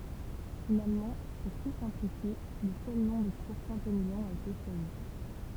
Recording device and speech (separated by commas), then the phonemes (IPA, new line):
temple vibration pickup, read sentence
finalmɑ̃ puʁ tu sɛ̃plifje lə sœl nɔ̃ də kuʁ sɛ̃temiljɔ̃ a ete ʃwazi